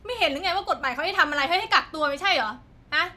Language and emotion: Thai, angry